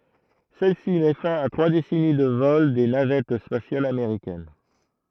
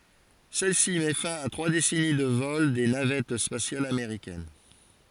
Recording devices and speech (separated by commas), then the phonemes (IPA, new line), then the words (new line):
throat microphone, forehead accelerometer, read sentence
sɛl si mɛ fɛ̃ a tʁwa desɛni də vɔl de navɛt spasjalz ameʁikɛn
Celle-ci met fin à trois décennies de vols des navettes spatiales américaines.